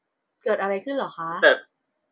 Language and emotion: Thai, neutral